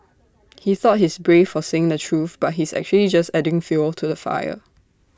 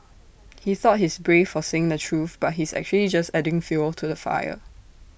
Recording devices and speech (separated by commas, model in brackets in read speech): standing microphone (AKG C214), boundary microphone (BM630), read sentence